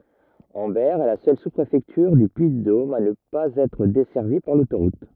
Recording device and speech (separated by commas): rigid in-ear microphone, read sentence